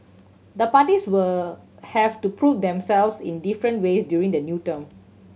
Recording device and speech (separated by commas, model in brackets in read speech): mobile phone (Samsung C7100), read sentence